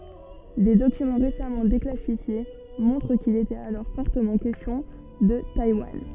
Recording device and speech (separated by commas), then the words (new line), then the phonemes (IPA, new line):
soft in-ear microphone, read sentence
Des documents récemment déclassifiés montrent qu'il était alors fortement question de Taïwan.
de dokymɑ̃ ʁesamɑ̃ deklasifje mɔ̃tʁ kil etɛt alɔʁ fɔʁtəmɑ̃ kɛstjɔ̃ də tajwan